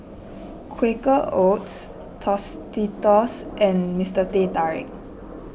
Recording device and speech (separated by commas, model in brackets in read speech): boundary microphone (BM630), read sentence